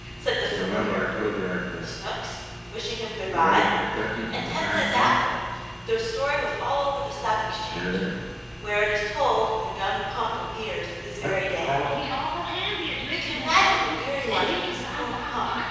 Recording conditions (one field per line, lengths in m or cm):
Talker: one person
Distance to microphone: 7.1 m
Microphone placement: far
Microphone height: 1.7 m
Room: very reverberant, large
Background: television